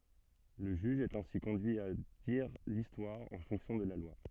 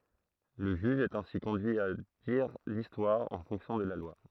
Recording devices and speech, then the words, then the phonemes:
soft in-ear microphone, throat microphone, read sentence
Le juge est ainsi conduit à dire l'histoire en fonction de la loi.
lə ʒyʒ ɛt ɛ̃si kɔ̃dyi a diʁ listwaʁ ɑ̃ fɔ̃ksjɔ̃ də la lwa

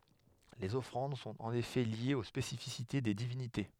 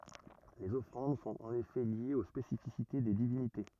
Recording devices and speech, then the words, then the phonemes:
headset microphone, rigid in-ear microphone, read sentence
Les offrandes sont en effet liées aux spécificités des divinités.
lez ɔfʁɑ̃d sɔ̃t ɑ̃n efɛ ljez o spesifisite de divinite

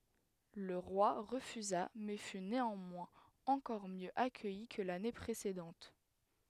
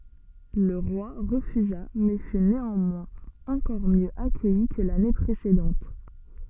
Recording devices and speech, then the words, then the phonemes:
headset microphone, soft in-ear microphone, read sentence
Le roi refusa mais fut néanmoins encore mieux accueilli que l'année précédente.
lə ʁwa ʁəfyza mɛ fy neɑ̃mwɛ̃z ɑ̃kɔʁ mjø akœji kə lane pʁesedɑ̃t

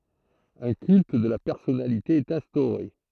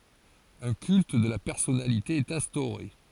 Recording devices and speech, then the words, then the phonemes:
throat microphone, forehead accelerometer, read sentence
Un culte de la personnalité est instauré.
œ̃ kylt də la pɛʁsɔnalite ɛt ɛ̃stoʁe

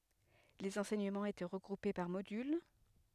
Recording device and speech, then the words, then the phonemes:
headset microphone, read sentence
Les enseignements étaient regroupés par modules.
lez ɑ̃sɛɲəmɑ̃z etɛ ʁəɡʁupe paʁ modyl

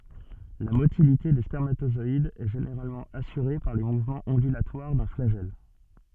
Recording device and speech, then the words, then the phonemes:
soft in-ear microphone, read sentence
La motilité des spermatozoïdes est généralement assurée par les mouvements ondulatoires d'un flagelle.
la motilite de spɛʁmatozɔidz ɛ ʒeneʁalmɑ̃ asyʁe paʁ le muvmɑ̃z ɔ̃dylatwaʁ dœ̃ flaʒɛl

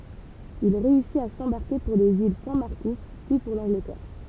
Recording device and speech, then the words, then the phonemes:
temple vibration pickup, read sentence
Il réussit à s'embarquer pour les îles Saint-Marcouf, puis pour l'Angleterre.
il ʁeysit a sɑ̃baʁke puʁ lez il sɛ̃ maʁkuf pyi puʁ lɑ̃ɡlətɛʁ

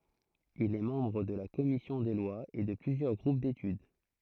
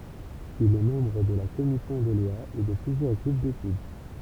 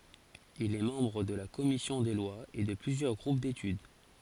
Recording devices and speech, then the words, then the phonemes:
throat microphone, temple vibration pickup, forehead accelerometer, read sentence
Il est membre de la commission des lois et de plusieurs groupes d’études.
il ɛ mɑ̃bʁ də la kɔmisjɔ̃ de lwaz e də plyzjœʁ ɡʁup detyd

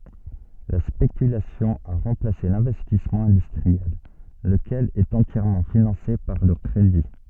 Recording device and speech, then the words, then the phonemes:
soft in-ear microphone, read sentence
La spéculation a remplacé l'investissement industriel, lequel est entièrement financé par le crédit.
la spekylasjɔ̃ a ʁɑ̃plase lɛ̃vɛstismɑ̃ ɛ̃dystʁiɛl ləkɛl ɛt ɑ̃tjɛʁmɑ̃ finɑ̃se paʁ lə kʁedi

